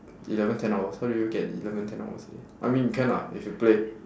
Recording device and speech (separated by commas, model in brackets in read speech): standing microphone, conversation in separate rooms